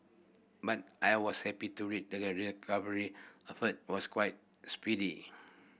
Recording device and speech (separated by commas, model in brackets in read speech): boundary microphone (BM630), read sentence